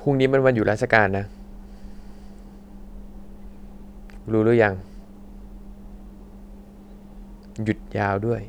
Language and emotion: Thai, neutral